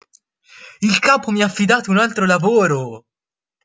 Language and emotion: Italian, happy